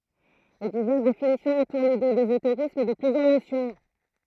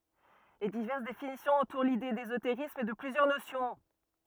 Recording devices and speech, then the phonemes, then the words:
throat microphone, rigid in-ear microphone, read sentence
le divɛʁs definisjɔ̃z ɑ̃tuʁ lide dezoteʁism də plyzjœʁ nosjɔ̃
Les diverses définitions entourent l’idée d’ésotérisme de plusieurs notions.

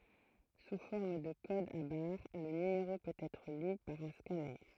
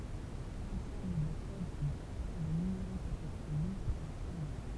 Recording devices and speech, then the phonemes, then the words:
throat microphone, temple vibration pickup, read sentence
su fɔʁm də kodz a baʁ lə nymeʁo pøt ɛtʁ ly paʁ œ̃ skanœʁ
Sous forme de codes à barres, le numéro peut être lu par un scanner.

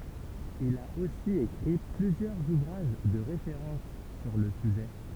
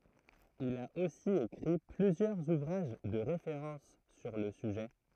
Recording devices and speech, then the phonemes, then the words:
temple vibration pickup, throat microphone, read sentence
il a osi ekʁi plyzjœʁz uvʁaʒ də ʁefeʁɑ̃s syʁ lə syʒɛ
Il a aussi écrit plusieurs ouvrages de référence sur le sujet.

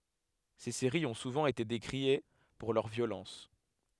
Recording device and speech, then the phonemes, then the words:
headset microphone, read sentence
se seʁiz ɔ̃ suvɑ̃ ete dekʁie puʁ lœʁ vjolɑ̃s
Ces séries ont souvent été décriées pour leur violence.

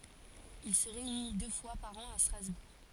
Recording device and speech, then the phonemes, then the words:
forehead accelerometer, read sentence
il sə ʁeyni dø fwa paʁ ɑ̃ a stʁazbuʁ
Il se réunit deux fois par an à Strasbourg.

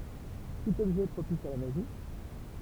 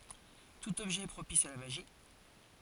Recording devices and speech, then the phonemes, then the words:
temple vibration pickup, forehead accelerometer, read sentence
tut ɔbʒɛ ɛ pʁopis a la maʒi
Tout objet est propice à la magie.

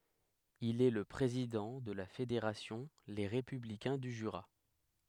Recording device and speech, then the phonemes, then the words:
headset microphone, read sentence
il ɛ lə pʁezidɑ̃ də la fedeʁasjɔ̃ le ʁepyblikɛ̃ dy ʒyʁa
Il est le président de la fédération Les Républicains du Jura.

